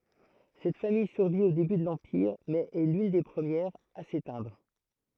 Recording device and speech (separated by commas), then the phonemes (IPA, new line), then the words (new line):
throat microphone, read sentence
sɛt famij syʁvi o deby də lɑ̃piʁ mɛz ɛ lyn de pʁəmjɛʁz a setɛ̃dʁ
Cette famille survit au début de l'Empire, mais est l'une des premières à s'éteindre.